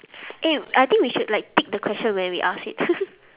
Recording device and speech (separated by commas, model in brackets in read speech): telephone, conversation in separate rooms